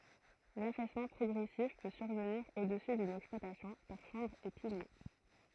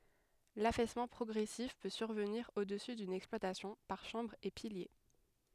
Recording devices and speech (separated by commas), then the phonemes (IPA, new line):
throat microphone, headset microphone, read sentence
lafɛsmɑ̃ pʁɔɡʁɛsif pø syʁvəniʁ o dəsy dyn ɛksplwatasjɔ̃ paʁ ʃɑ̃bʁz e pilje